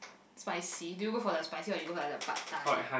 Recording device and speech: boundary microphone, conversation in the same room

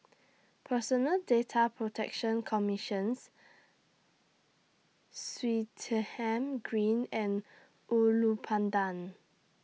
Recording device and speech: mobile phone (iPhone 6), read sentence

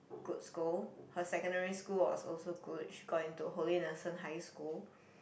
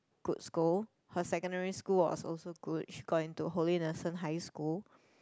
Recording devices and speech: boundary microphone, close-talking microphone, conversation in the same room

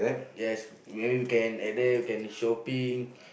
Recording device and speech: boundary microphone, conversation in the same room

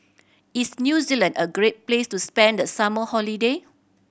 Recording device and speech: boundary microphone (BM630), read sentence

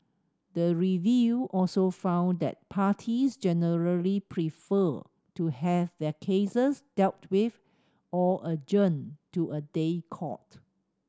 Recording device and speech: standing microphone (AKG C214), read sentence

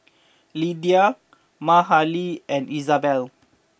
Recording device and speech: boundary microphone (BM630), read sentence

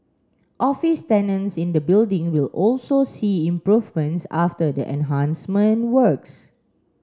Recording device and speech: standing microphone (AKG C214), read sentence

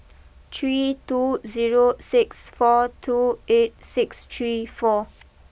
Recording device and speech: boundary microphone (BM630), read sentence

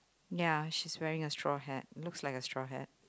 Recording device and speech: close-talking microphone, conversation in the same room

